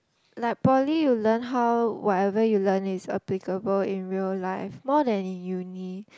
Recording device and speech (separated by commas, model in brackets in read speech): close-talking microphone, conversation in the same room